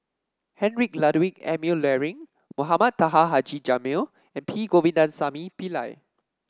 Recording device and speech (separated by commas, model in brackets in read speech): standing microphone (AKG C214), read sentence